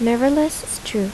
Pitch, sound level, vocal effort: 265 Hz, 78 dB SPL, soft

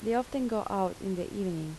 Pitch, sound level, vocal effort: 195 Hz, 79 dB SPL, soft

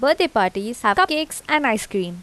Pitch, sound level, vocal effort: 230 Hz, 86 dB SPL, normal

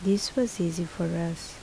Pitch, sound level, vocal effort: 175 Hz, 71 dB SPL, soft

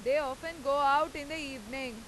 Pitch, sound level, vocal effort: 280 Hz, 100 dB SPL, loud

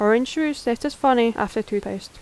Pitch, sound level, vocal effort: 240 Hz, 82 dB SPL, normal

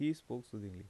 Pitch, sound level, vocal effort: 115 Hz, 81 dB SPL, normal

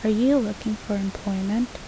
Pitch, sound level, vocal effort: 215 Hz, 77 dB SPL, soft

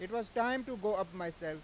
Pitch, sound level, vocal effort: 205 Hz, 97 dB SPL, very loud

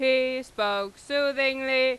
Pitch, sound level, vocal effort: 260 Hz, 99 dB SPL, very loud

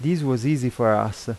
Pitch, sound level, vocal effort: 125 Hz, 86 dB SPL, normal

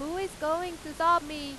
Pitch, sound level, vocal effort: 325 Hz, 98 dB SPL, very loud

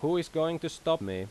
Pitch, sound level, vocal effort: 160 Hz, 89 dB SPL, loud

